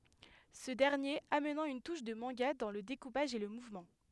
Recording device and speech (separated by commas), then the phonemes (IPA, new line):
headset microphone, read sentence
sə dɛʁnjeʁ amnɑ̃ yn tuʃ də mɑ̃ɡa dɑ̃ lə dekupaʒ e lə muvmɑ̃